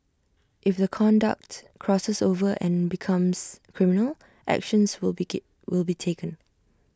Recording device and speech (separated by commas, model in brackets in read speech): standing microphone (AKG C214), read sentence